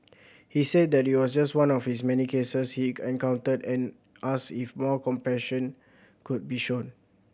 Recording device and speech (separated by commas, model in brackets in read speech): boundary microphone (BM630), read sentence